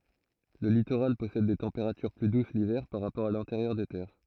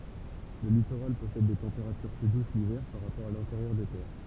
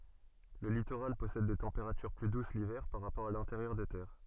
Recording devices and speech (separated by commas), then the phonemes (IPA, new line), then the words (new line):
throat microphone, temple vibration pickup, soft in-ear microphone, read sentence
lə litoʁal pɔsɛd de tɑ̃peʁatyʁ ply dus livɛʁ paʁ ʁapɔʁ a lɛ̃teʁjœʁ de tɛʁ
Le littoral possède des températures plus douces l’hiver par rapport à l’intérieur des terres.